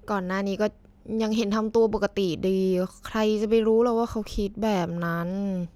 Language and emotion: Thai, frustrated